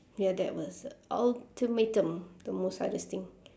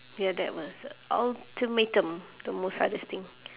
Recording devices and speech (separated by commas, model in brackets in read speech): standing microphone, telephone, conversation in separate rooms